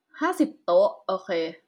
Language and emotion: Thai, neutral